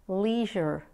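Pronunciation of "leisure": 'Leisure' is pronounced with an American accent.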